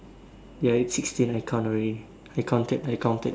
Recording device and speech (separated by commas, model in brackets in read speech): standing microphone, conversation in separate rooms